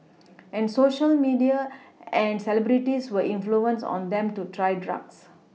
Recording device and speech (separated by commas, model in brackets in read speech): mobile phone (iPhone 6), read sentence